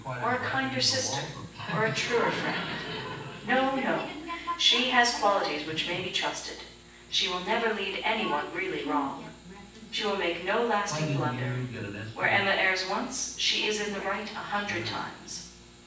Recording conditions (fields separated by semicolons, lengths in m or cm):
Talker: one person; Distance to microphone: 9.8 m; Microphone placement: far; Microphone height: 1.8 m; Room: large; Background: television